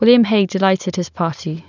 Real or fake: real